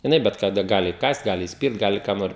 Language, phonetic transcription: Lithuanian, jiˈnai bet kaˈda ˈgali įˈkąst ˈgali įsˈpirt ˈgali ką ˈnori

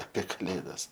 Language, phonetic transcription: Lithuanian, apė kaˈlėdas

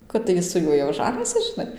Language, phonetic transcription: Lithuanian, kad tai ˈji su ˈjuoj jau ˈžanysis žiˈnai

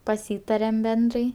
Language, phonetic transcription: Lithuanian, paˈsytarem ˈbendrai

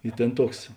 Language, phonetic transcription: Lithuanian, i ˈtėn ˈtuoks

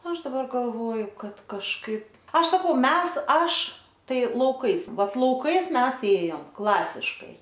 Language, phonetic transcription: Lithuanian, ˈaš daˈbar galˈvoju ˈkad kažˈkaip ˈaš saˈkau ˈmes ˈaš ˈtai lauˈkais ˈvat lauˈkais ˈmes ˈėjom ˈklasiškai

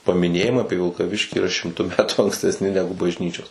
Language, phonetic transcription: Lithuanian, pamiˈnėjimai ˈapie vilkaˈviškį yˈra šimˈtu ˈmetų ankstesˈni ˈnegu bažˈnyčios

